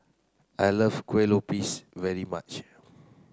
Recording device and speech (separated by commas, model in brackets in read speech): close-talking microphone (WH30), read sentence